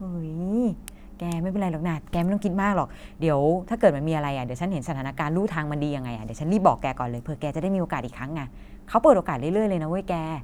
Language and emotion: Thai, neutral